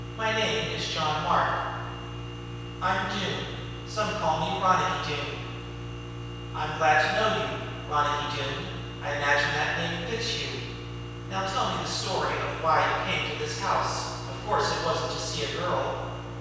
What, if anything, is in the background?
Nothing.